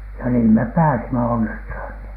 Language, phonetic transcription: Finnish, ja niim mep "pääsimä 'onneshàn ni .
- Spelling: ja niin me pääsimme onneksi niin

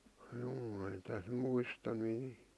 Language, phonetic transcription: Finnish, 'juu ei täs 'muista nii .
- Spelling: juu ei tässä muista niin

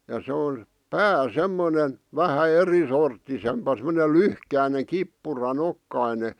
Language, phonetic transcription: Finnish, ja 'se on̬ , "pää "semmone , 'vähä "erisorttisempa semᵒne "lyhkäine "kippura'nokkaine .
- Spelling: ja se on pää semmoinen vähän erisorttisempi semmoinen lyhkäinen kippuranokkainen

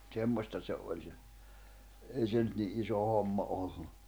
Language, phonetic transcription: Finnish, 'ᵗsemmosta se oĺ se , 'ei se nyt ni’ '’iso "homma 'ollu .
- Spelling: semmoista se oli se ei se nyt niin iso homma ollut

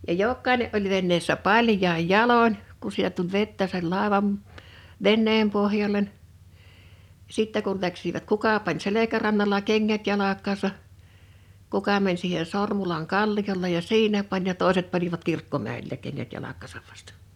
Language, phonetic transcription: Finnish, ja "jokkaine’ ’oĺ 'venneessä "palj̀aij "jaloń , ku siᵗä tuĺ "vettä sei "làevam , 'venneem 'pohjaĺen , 'sittä kul läksivät "kuka pań "selekärannala "keŋŋät 'jalak̆kaasa , "kuka mäń siihe "Sormulan "kallijollej ja "siinä pań ja 'tòeset panivat 'kirkkomä̀illäⁱk̆ 'keŋŋät 'jalak̆kaasav vastᴀ .
- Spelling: ja jokainen oli veneessä paljain jaloin kun sitä tuli vettä sen laivan veneen pohjalle sitten kun lähtivät kuka pani selkärannalla kengät jalkaansa kuka meni siihen Sormulan kalliolle ja siinä pani ja toiset panivat kirkkomäellä kengät jalkaansa vasta

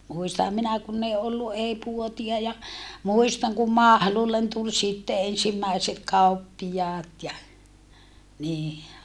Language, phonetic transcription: Finnish, muistaham minä kunn ‿ei ollu ʼei puotia ja , muistaŋ kum Mahlullen tul sitte ensimmäiset kauppijaat ja , nii .
- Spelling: muistanhan minä kun ei ollut ei puotia ja muistan kun Mahlulle tuli sitten ensimmäiset kauppiaat ja niin

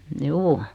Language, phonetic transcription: Finnish, mjuu .
- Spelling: juu

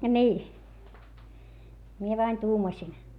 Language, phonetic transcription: Finnish, ńii , mie vain tuumaśin .
- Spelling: niin minä vain tuumasin

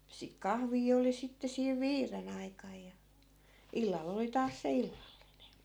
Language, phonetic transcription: Finnish, sik 'kahvii oli 'sitte siiv "viiren ‿aikaj ja , 'illall ‿oli taas se "illalline .
- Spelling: sitten kahvia oli sitten siinä viiden aikaan ja illalla oli taas se illallinen

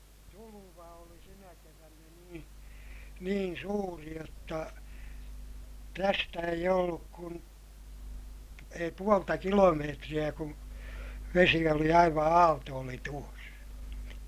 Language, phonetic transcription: Finnish, tuluva oli kyllä tuota niin , niin suuri jotta , tästä eij ‿olluk kun , ei puolta kilomeetriʲä kuṵ , vesi oli aiva aaltooli tuos .
- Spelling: tulva oli kyllä tuota niin niin suuri jotta tästä ei ollut kuin ei puolta kilometriä kun vesi oli aivan aaltoili tuossa

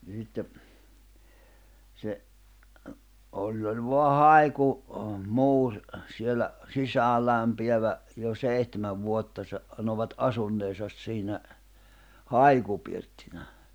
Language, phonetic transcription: Finnish, ni sitte , se’ , oĺ oĺ voa "hài̬ku-₍ '-muuŕ , 'siel̆lä , 'sisääl̆lämpi₍ävä , jo 'sèihtemäv vuotta se , Sanovat "’asunneesas 'siinä , "haikupirttinä .
- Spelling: niin sitten se oli oli vain - haikumuuri siellä sisäänlämpiävä jo seitsemän vuotta se sanovat asuneensa siinä haikupirttinä

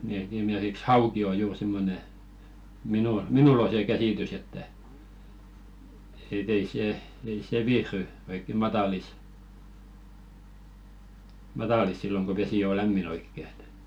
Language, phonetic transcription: Finnish, ni et esimerᵏiks "hauki o 'juur 'simmone , minu- "minul ‿o 'sè 'käsìtys ‿että , et ‿ei 'sè , ei 'sè "vihry , oikke 'matalis , "matalis 'silloŋ ɢo 'vesi ò "lämmin ‿oikke ᴇt .
- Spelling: niin että esimerkiksi hauki on juuri semmoinen - minulla on se käsitys että että ei se ei se viihdy oikein matalissa matalissa silloin kun vesi on lämmin oikein että

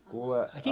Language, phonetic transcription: Finnish, kuule a ,.
- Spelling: kuule a

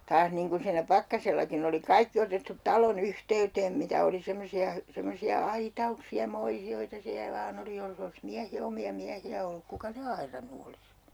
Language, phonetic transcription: Finnish, 'taas niiŋ kun 'siinä "Pakkasellakin ‿oli "kaikki otettut 'talo'n ‿yhte₍yteem 'mitä oli 'semmosi₍a hy- , 'semmosi₍a "aita₍uksi₍a "moisi₍oita 'siä 'vaan ‿oli jollᵉ ols 'miäh- , 'omi₍a 'miähi₍ä olluk 'kuka ne "airannu olis .
- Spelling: taas niin kuin siinä Pakkasellakin oli kaikki otettu talon yhteyteen mitä oli semmoisia - semmoisia aitauksia moisioita siellä vain oli jos ei olisi - omia miehiä ollut kuka ne aidannut olisi

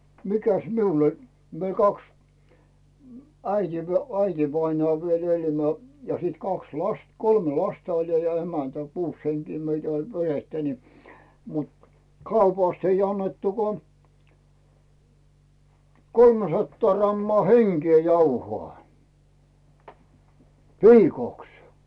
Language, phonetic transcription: Finnish, 'mikäs "miul ‿oĺ , mie 'kaks , äiti , 'äit́ivainᵒà viel ‿eli mʸö , ja siit 'kaks "last , "kolme 'lasta oĺ ja 'emäntä "kuus 'heŋkii meitä oĺ 'perettä ni , mut , 'kaupàst ei annettu ko , 'kolmesattaa rammaa "heŋkⁱè 'jauho̳a̳ "viikòks .
- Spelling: mikäs minulla oli minä kaksi äiti äitivainaja vielä eli me ja sitten kaksi lasta kolme lasta oli ja emäntä kuusi henkeä meitä oli perhettä niin mutta kaupasta ei annettu kuin kolmesataa grammaa henkeen jauhoa viikoksi

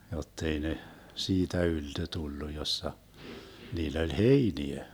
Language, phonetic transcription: Finnish, 'jottei 'ne , "siitä 'yltö 'tullu 'jossa , 'niill ‿oĺ "heiniä .
- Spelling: jotta ei ne siitä ylttö tullut jossa niillä oli heiniä

